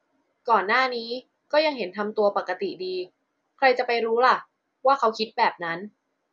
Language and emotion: Thai, neutral